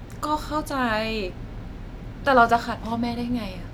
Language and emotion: Thai, frustrated